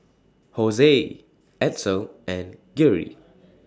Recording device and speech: standing microphone (AKG C214), read sentence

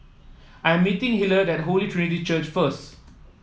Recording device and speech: mobile phone (iPhone 7), read sentence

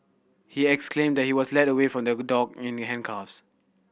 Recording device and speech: boundary microphone (BM630), read sentence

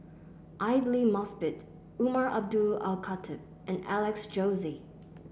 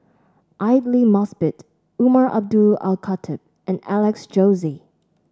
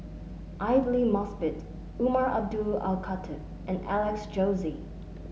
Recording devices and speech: boundary microphone (BM630), standing microphone (AKG C214), mobile phone (Samsung S8), read sentence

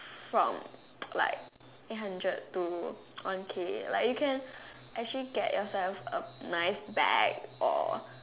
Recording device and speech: telephone, conversation in separate rooms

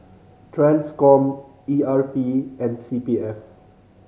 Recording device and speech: mobile phone (Samsung C5010), read sentence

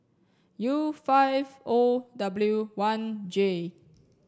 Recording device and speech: standing microphone (AKG C214), read sentence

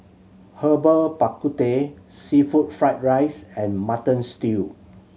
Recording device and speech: mobile phone (Samsung C7100), read sentence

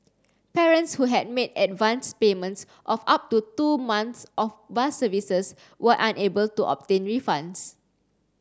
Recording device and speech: standing microphone (AKG C214), read sentence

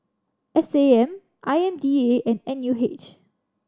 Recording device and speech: standing microphone (AKG C214), read sentence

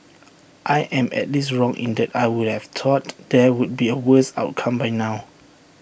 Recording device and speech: boundary microphone (BM630), read sentence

